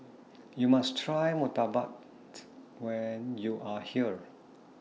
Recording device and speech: mobile phone (iPhone 6), read sentence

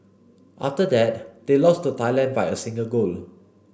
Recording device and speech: boundary microphone (BM630), read sentence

